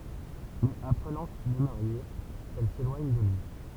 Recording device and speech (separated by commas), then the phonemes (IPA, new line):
temple vibration pickup, read sentence
mɛz apʁənɑ̃ kil ɛ maʁje ɛl selwaɲ də lyi